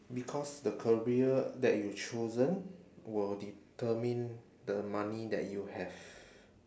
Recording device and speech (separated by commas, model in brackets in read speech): standing microphone, conversation in separate rooms